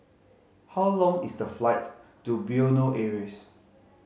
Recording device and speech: mobile phone (Samsung C5010), read sentence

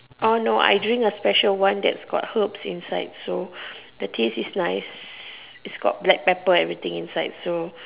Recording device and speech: telephone, conversation in separate rooms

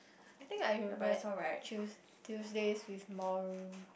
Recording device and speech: boundary microphone, conversation in the same room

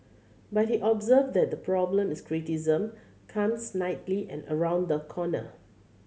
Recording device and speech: mobile phone (Samsung C7100), read sentence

